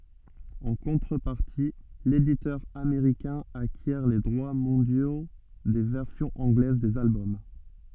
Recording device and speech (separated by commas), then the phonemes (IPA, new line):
soft in-ear microphone, read sentence
ɑ̃ kɔ̃tʁəpaʁti leditœʁ ameʁikɛ̃ akjɛʁ le dʁwa mɔ̃djo de vɛʁsjɔ̃z ɑ̃ɡlɛz dez albɔm